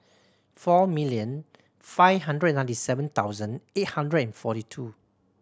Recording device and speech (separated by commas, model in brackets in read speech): standing microphone (AKG C214), read sentence